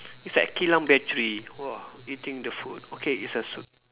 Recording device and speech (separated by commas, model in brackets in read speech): telephone, conversation in separate rooms